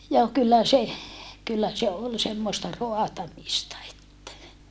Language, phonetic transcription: Finnish, joo kyllä se , kyllä se ol semmosta roatamista että , .
- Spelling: joo kyllä se kyllä se oli semmoista raatamista että

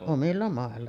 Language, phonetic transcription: Finnish, 'omilla màella .
- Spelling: omilla mailla

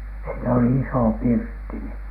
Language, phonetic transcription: Finnish, siinä oli "isò "pirtti ni .
- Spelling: siinä oli iso pirtti niin

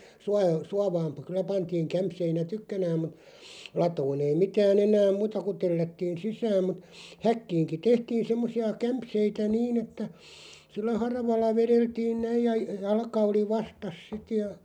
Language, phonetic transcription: Finnish, 'sua- , 'suavaam pə- kylä 'pantiiŋ 'kämpseinä "tykkänääm mut , 'latoon ‿ei 'mitää'n ‿enääᵐ "muuta ku 'tellättiin̬ "sisääm mut , "häkkiiŋki "tehtiin̬ 'semmosi₍a 'kämpseitä "niin ‿että , sillä 'haravalla "vereltiin 'näiʲ ja 'jalka oli "vastas 'sit ja ,.
- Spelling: - suovaan - kyllä pantiin kämseinä tykkänään mutta latoon ei mitään enää muuta kuin tellättiin sisään mutta häkkiinkin tehtiin semmoisia kämseitä niin että sillä haravalla vedeltiin näin ja jalka oli vastassa sitten ja

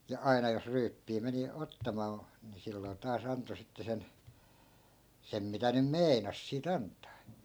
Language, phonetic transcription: Finnish, ja 'aina jos 'ryyppii meni 'ottamaa , ni 'silloi̮ taa's ‿anto 'sitte sen , 'sem mitä nym "mei̮nas sii't ‿ant̆taa .
- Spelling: ja aina jos ryyppyä meni ottamaan niin silloin taas antoi sitten sen sen mitä nyt meinasi siitä antaa

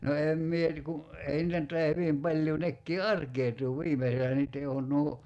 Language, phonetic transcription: Finnish, no 'em 'mie (ni) ku , "ei nⁱtä nʸt tai₍a 'hyvim 'paĺjuu 'nekkii "arkeetuu 'viimeselä niit̆te on nuo ,
- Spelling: no en minä niin kun ei niitä nyt taida hyvin paljoa nekin arkautuu viimeisellä niiden on nuo

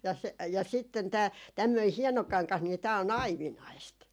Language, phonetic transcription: Finnish, ja , ja sitten tää , tämmöi 'hieno 'kaŋkah nii tää o"n ‿aivinaist .
- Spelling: ja ja sitten tämä tämmöinen hieno kangas niin tämä on aivinaista

